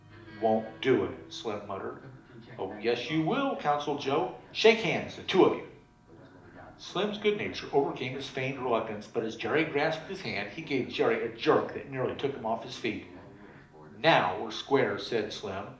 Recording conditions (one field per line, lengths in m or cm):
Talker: one person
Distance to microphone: 2.0 m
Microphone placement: close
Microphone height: 99 cm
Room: medium-sized (5.7 m by 4.0 m)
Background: television